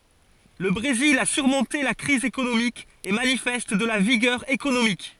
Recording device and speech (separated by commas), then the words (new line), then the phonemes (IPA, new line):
forehead accelerometer, read sentence
Le Brésil a surmonté la crise économique et manifeste de la vigueur économique.
lə bʁezil a syʁmɔ̃te la kʁiz ekonomik e manifɛst də la viɡœʁ ekonomik